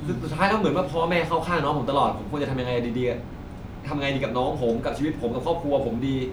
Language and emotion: Thai, frustrated